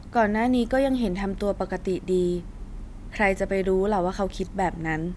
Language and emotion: Thai, neutral